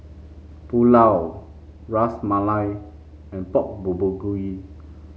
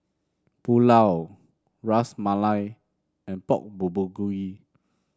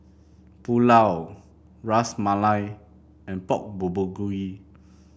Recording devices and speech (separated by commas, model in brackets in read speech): mobile phone (Samsung C5), standing microphone (AKG C214), boundary microphone (BM630), read sentence